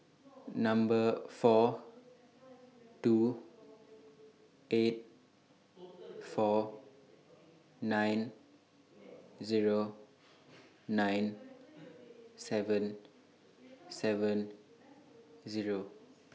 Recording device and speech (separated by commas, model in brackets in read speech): mobile phone (iPhone 6), read sentence